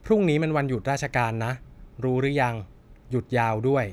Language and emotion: Thai, neutral